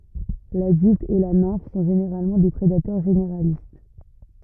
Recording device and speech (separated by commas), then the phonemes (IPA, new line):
rigid in-ear microphone, read sentence
ladylt e la nɛ̃f sɔ̃ ʒeneʁalmɑ̃ de pʁedatœʁ ʒeneʁalist